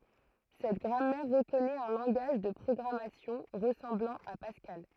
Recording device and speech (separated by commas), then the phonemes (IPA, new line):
throat microphone, read sentence
sɛt ɡʁamɛʁ ʁəkɔnɛt œ̃ lɑ̃ɡaʒ də pʁɔɡʁamasjɔ̃ ʁəsɑ̃blɑ̃ a paskal